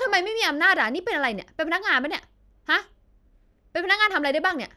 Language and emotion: Thai, angry